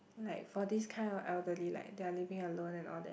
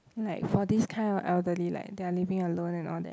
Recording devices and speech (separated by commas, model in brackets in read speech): boundary microphone, close-talking microphone, conversation in the same room